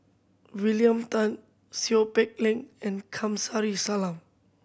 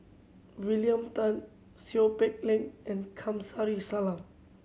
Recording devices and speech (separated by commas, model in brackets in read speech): boundary microphone (BM630), mobile phone (Samsung C7100), read sentence